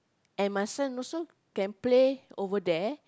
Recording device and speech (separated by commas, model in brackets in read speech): close-talking microphone, conversation in the same room